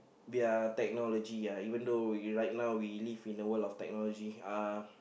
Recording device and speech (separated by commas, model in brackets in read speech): boundary microphone, conversation in the same room